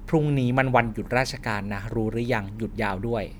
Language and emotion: Thai, frustrated